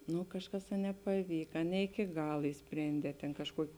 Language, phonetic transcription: Lithuanian, ˈnu ˈkažˌkas a nepaˈvyka ne iki ˈgal išˈsprėndē tėn kažˈkuoki

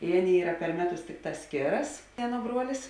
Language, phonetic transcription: Lithuanian, i ˈaˌnėi ˈyra per ˈmeˌtus ˈtikˌtās ˈskėras ˈaˌnuo ˈbruolis

